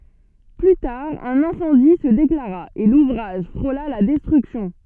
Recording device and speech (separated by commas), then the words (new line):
soft in-ear microphone, read sentence
Plus tard, un incendie se déclara, et l'ouvrage frôla la destruction.